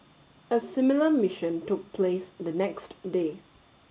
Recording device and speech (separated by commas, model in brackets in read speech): mobile phone (Samsung S8), read sentence